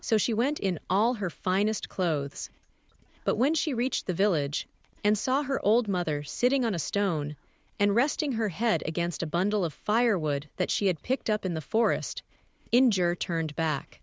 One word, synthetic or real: synthetic